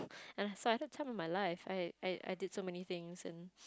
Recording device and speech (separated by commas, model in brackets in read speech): close-talking microphone, conversation in the same room